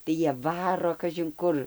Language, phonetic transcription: Lithuanian, tai ˈjie ˈvaro kažinˈkur

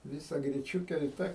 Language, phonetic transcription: Lithuanian, ˈvisa griˈčiūke i ˈta

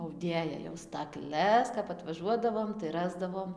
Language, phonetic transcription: Lithuanian, auˈdėja jau stakˈles kap atvaˈžuodavom tai ˈrasdavom

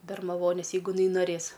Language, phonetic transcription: Lithuanian, bermaˈvonės jeiˈgu iˈnai noˈrės

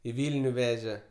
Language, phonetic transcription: Lithuanian, i ˈvylniu ˈveže

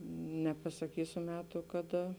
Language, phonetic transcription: Lithuanian, nepasaˈkysiu ˈmetu kaˈda

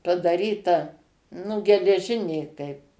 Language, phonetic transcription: Lithuanian, padaˈryta nu geleˈžinė kaip

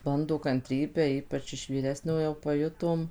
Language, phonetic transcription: Lithuanian, ˈbando kanˈtrybę ˈypač iš vyˈresniojo paˈjutom

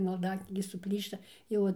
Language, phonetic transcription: Lithuanian, malˈdaknygė suˈplyšta ˈjau an

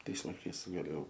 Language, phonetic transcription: Lithuanian, ˈtais laiˈkais gaˈlėjau

